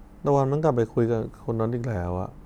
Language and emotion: Thai, sad